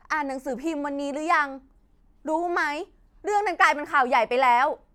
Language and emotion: Thai, angry